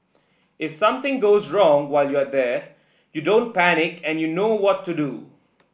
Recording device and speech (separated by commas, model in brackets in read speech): boundary microphone (BM630), read sentence